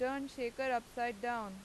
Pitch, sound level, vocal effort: 240 Hz, 93 dB SPL, loud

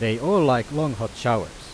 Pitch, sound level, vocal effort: 130 Hz, 91 dB SPL, loud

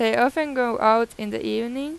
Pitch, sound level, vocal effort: 235 Hz, 91 dB SPL, normal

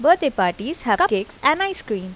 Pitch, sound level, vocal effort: 265 Hz, 86 dB SPL, normal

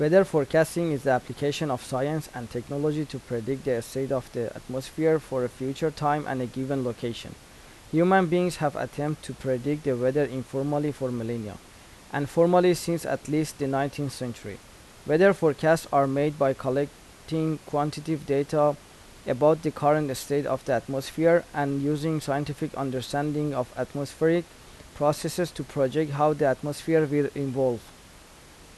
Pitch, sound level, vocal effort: 145 Hz, 84 dB SPL, normal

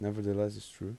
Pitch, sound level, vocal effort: 105 Hz, 83 dB SPL, soft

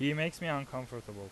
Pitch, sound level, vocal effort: 140 Hz, 89 dB SPL, very loud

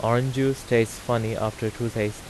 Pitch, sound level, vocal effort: 115 Hz, 85 dB SPL, normal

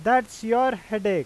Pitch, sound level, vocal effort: 230 Hz, 95 dB SPL, very loud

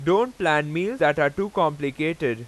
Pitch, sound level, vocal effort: 155 Hz, 95 dB SPL, very loud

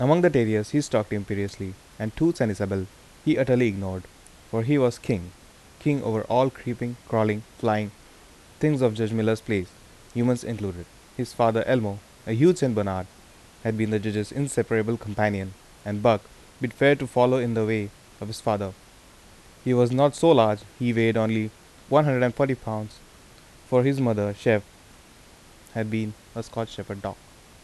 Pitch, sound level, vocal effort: 110 Hz, 82 dB SPL, normal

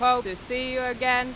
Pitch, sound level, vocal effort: 250 Hz, 97 dB SPL, very loud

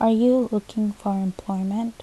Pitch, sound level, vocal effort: 210 Hz, 75 dB SPL, soft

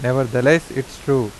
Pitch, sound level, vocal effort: 135 Hz, 88 dB SPL, normal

